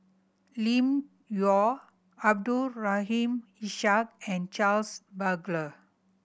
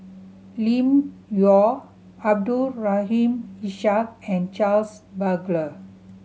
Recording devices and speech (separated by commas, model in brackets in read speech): boundary microphone (BM630), mobile phone (Samsung C7100), read sentence